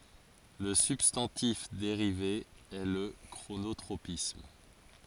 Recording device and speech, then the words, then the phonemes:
forehead accelerometer, read sentence
Le substantif dérivé est le chronotropisme.
lə sybstɑ̃tif deʁive ɛ lə kʁonotʁopism

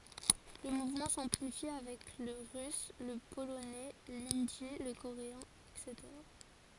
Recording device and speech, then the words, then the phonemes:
forehead accelerometer, read sentence
Le mouvement s'amplifie avec le russe, le polonais, l'hindi, le coréen, etc.
lə muvmɑ̃ sɑ̃plifi avɛk lə ʁys lə polonɛ lindi lə koʁeɛ̃ ɛtseteʁa

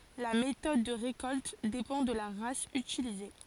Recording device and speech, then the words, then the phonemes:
forehead accelerometer, read sentence
La méthode de récolte dépend de la race utilisée.
la metɔd də ʁekɔlt depɑ̃ də la ʁas ytilize

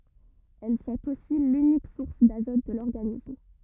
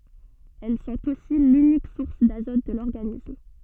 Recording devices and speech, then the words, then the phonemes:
rigid in-ear microphone, soft in-ear microphone, read sentence
Elles sont aussi l’unique source d'azote de l'organisme.
ɛl sɔ̃t osi lynik suʁs dazɔt də lɔʁɡanism

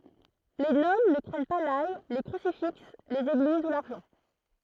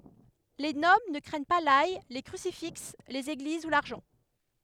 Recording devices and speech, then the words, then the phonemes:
throat microphone, headset microphone, read sentence
Les Nobles ne craignent pas l'ail, les crucifix, les églises ou l'argent.
le nɔbl nə kʁɛɲ pa laj le kʁysifiks lez eɡliz u laʁʒɑ̃

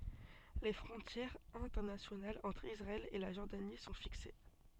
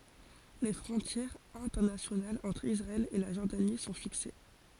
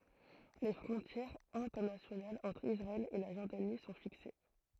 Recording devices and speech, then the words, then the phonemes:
soft in-ear microphone, forehead accelerometer, throat microphone, read sentence
Les frontières internationales entre Israël et la Jordanie sont fixées.
le fʁɔ̃tjɛʁz ɛ̃tɛʁnasjonalz ɑ̃tʁ isʁaɛl e la ʒɔʁdani sɔ̃ fikse

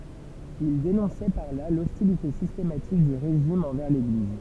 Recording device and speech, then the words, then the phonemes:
temple vibration pickup, read sentence
Il dénonçait par là l'hostilité systématique du régime envers l'Église.
il denɔ̃sɛ paʁ la lɔstilite sistematik dy ʁeʒim ɑ̃vɛʁ leɡliz

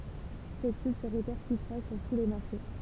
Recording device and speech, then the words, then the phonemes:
temple vibration pickup, read sentence
Cette chute se répercutera sur tous les marchés.
sɛt ʃyt sə ʁepɛʁkytʁa syʁ tu le maʁʃe

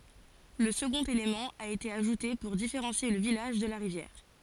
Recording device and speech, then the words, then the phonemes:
forehead accelerometer, read sentence
Le second élément a été ajouté pour différencier le village de la rivière.
lə səɡɔ̃t elemɑ̃ a ete aʒute puʁ difeʁɑ̃sje lə vilaʒ də la ʁivjɛʁ

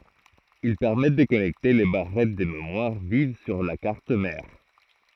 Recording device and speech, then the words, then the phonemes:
throat microphone, read sentence
Ils permettent de connecter les barrettes de mémoire vive sur la carte mère.
il pɛʁmɛt də kɔnɛkte le baʁɛt də memwaʁ viv syʁ la kaʁt mɛʁ

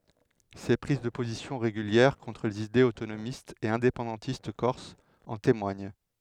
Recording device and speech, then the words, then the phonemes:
headset microphone, read sentence
Ses prises de positions régulières contre les idées autonomistes et indépendantistes corses en témoignent.
se pʁiz də pozisjɔ̃ ʁeɡyljɛʁ kɔ̃tʁ lez idez otonomistz e ɛ̃depɑ̃dɑ̃tist kɔʁsz ɑ̃ temwaɲ

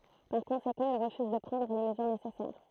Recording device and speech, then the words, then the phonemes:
throat microphone, read sentence
Par conséquent, il refuse de prendre les mesures nécessaires.
paʁ kɔ̃sekɑ̃ il ʁəfyz də pʁɑ̃dʁ le məzyʁ nesɛsɛʁ

